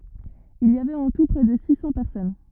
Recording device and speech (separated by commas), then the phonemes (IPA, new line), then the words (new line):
rigid in-ear microphone, read sentence
il i avɛt ɑ̃ tu pʁɛ də si sɑ̃ pɛʁsɔn
Il y avait en tout près de six cents personnes.